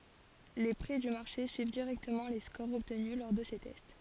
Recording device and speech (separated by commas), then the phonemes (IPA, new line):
forehead accelerometer, read sentence
le pʁi dy maʁʃe syiv diʁɛktəmɑ̃ le skoʁz ɔbtny lɔʁ də se tɛst